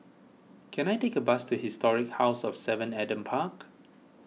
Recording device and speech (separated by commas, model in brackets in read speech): mobile phone (iPhone 6), read sentence